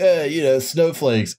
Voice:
chud voice